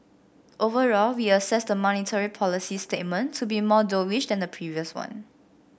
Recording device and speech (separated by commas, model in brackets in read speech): boundary microphone (BM630), read sentence